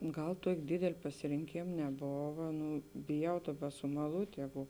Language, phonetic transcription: Lithuanian, ˈgal ˈtuok' ˈdėdel' pasirinˈkėm neˈbova ˈnu biˈjau ˈdaˌba sumaˈlūt' ˈjegu

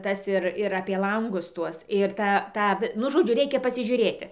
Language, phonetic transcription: Lithuanian, ˈtas ir ir ˈapie ˈlangus ˈtuos ir ˈtą ˈtą vi ˈnu ˈžodžiu ˈreikia pasiˈžiūrėti

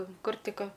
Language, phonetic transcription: Lithuanian, ˈkur ˈtik ˈka

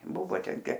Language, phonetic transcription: Lithuanian, ˈbuvo ˈten ˈtė

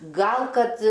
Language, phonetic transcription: Lithuanian, ˈgal ˈkad

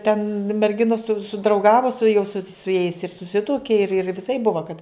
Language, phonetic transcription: Lithuanian, ten merˈginos su sudrauˈgavo su jau su su jais ir suˈsituoki ir ir viˈsaip ˈbuva kad

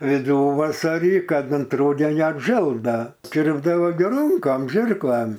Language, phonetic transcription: Lithuanian, viˈduvasarį ˈkad ant ˈrūdenio apˈžel ˈda ˈkirpdavo gi ˈrunkam ˈžirklam

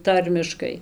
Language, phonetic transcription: Lithuanian, ˈtarmiškai

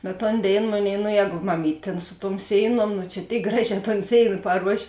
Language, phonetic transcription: Lithuanian, bet ˈton ˈdėin ˈmoˌnėi no ˈjēgu maˈmyt' tėn su tuom ˈsėiˌnuom nu čia ˈtėik ˈgraˌžē ton ˈsėina paˈruošė

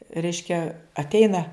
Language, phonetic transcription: Lithuanian, ˈreiškia atˈeina

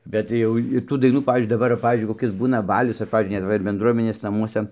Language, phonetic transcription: Lithuanian, bet ˈjau ir tų daiˈnų ˈpavyzdžiui daˈbar va ˈpavyzdžiui koˈkis ˈbūna ˈbalius ar ˈpavyzdžiui net ˈva ir bendˈruomenės naˈmuosa

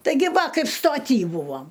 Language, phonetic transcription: Lithuanian, taiˈgi ˈva ˈkaip stoˈty ˈbūvam

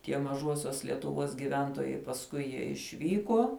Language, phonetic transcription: Lithuanian, tie maˈžuosiuos lietuˈvuos giˈventuojai pasˈkui jie išˈvykuo

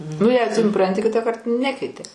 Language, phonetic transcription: Lithuanian, nu jei suˈpranti ˈkitąkart ˈnekeiti

